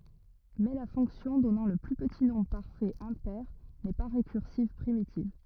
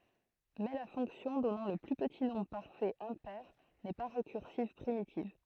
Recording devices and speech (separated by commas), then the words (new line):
rigid in-ear microphone, throat microphone, read sentence
Mais la fonction donnant le plus petit nombre parfait impair n'est pas récursive primitive.